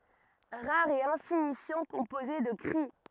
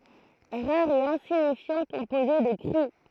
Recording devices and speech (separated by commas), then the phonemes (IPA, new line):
rigid in-ear microphone, throat microphone, read sentence
ʁaʁ e ɛ̃siɲifjɑ̃ kɔ̃poze də kʁi